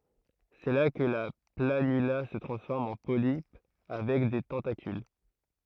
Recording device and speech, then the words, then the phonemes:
throat microphone, read sentence
C’est là que la planula se transforme en polype avec des tentacules.
sɛ la kə la planyla sə tʁɑ̃sfɔʁm ɑ̃ polipə avɛk de tɑ̃takyl

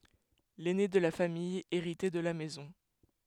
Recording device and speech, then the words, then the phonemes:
headset microphone, read sentence
L’aîné de la famille héritait de la maison.
lɛne də la famij eʁitɛ də la mɛzɔ̃

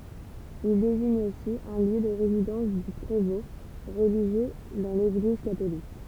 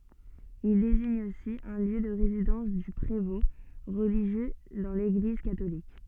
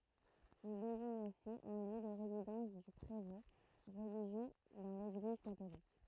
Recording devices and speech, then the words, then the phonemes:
temple vibration pickup, soft in-ear microphone, throat microphone, read sentence
Il désigne aussi un lieu de résidence du prévôt, religieux dans l'Église catholique.
il deziɲ osi œ̃ ljø də ʁezidɑ̃s dy pʁevɔ̃ ʁəliʒjø dɑ̃ leɡliz katolik

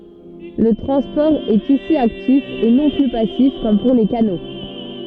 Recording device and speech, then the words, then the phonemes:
soft in-ear microphone, read sentence
Le transport est ici actif et non plus passif comme pour les canaux.
lə tʁɑ̃spɔʁ ɛt isi aktif e nɔ̃ ply pasif kɔm puʁ le kano

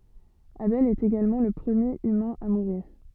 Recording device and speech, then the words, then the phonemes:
soft in-ear microphone, read sentence
Abel est également le premier humain à mourir.
abɛl ɛt eɡalmɑ̃ lə pʁəmjeʁ ymɛ̃ a muʁiʁ

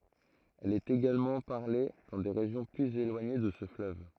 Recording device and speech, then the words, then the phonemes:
throat microphone, read sentence
Elle est également parlée dans des régions plus éloignées de ce fleuve.
ɛl ɛt eɡalmɑ̃ paʁle dɑ̃ de ʁeʒjɔ̃ plyz elwaɲe də sə fløv

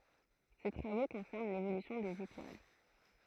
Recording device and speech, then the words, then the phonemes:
throat microphone, read sentence
Ses travaux concernent l'évolution des étoiles.
se tʁavo kɔ̃sɛʁn levolysjɔ̃ dez etwal

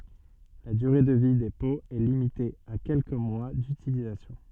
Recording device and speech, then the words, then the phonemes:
soft in-ear microphone, read sentence
La durée de vie des pots est limitée à quelques mois d'utilisation.
la dyʁe də vi de poz ɛ limite a kɛlkə mwa dytilizasjɔ̃

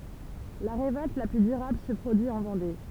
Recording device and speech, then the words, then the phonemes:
temple vibration pickup, read sentence
La révolte la plus durable se produit en Vendée.
la ʁevɔlt la ply dyʁabl sə pʁodyi ɑ̃ vɑ̃de

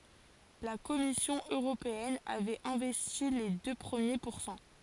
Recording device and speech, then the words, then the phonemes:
forehead accelerometer, read sentence
La Commission européenne avait investi les deux premiers pourcents.
la kɔmisjɔ̃ øʁopeɛn avɛt ɛ̃vɛsti le dø pʁəmje puʁsɑ̃

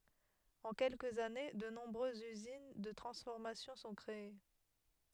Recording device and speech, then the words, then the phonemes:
headset microphone, read sentence
En quelques années, de nombreuses usines de transformation sont créées.
ɑ̃ kɛlkəz ane də nɔ̃bʁøzz yzin də tʁɑ̃sfɔʁmasjɔ̃ sɔ̃ kʁee

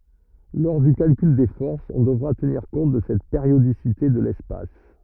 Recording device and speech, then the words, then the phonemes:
rigid in-ear microphone, read sentence
Lors du calcul des forces, on devra tenir compte de cette périodicité de l'espace.
lɔʁ dy kalkyl de fɔʁsz ɔ̃ dəvʁa təniʁ kɔ̃t də sɛt peʁjodisite də lɛspas

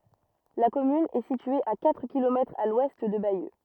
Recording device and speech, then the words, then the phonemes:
rigid in-ear microphone, read sentence
La commune est située à quatre kilomètres à l'ouest de Bayeux.
la kɔmyn ɛ sitye a katʁ kilomɛtʁz a lwɛst də bajø

